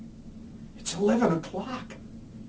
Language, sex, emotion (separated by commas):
English, male, fearful